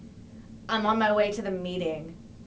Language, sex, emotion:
English
female
disgusted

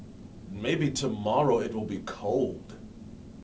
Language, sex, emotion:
English
male
neutral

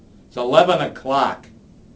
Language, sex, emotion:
English
male
angry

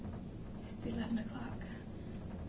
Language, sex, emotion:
English
female
fearful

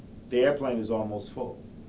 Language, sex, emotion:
English
male
neutral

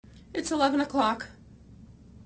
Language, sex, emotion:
English
female
sad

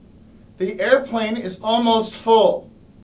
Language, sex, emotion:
English
male
disgusted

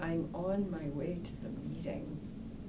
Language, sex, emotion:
English
female
sad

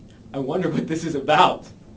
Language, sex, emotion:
English
male
happy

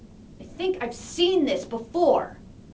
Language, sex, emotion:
English
female
angry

